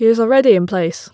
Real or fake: real